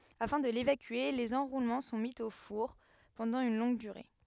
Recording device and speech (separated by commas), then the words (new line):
headset microphone, read sentence
Afin de l'évacuer, les enroulements sont mis au four pendant une longue durée.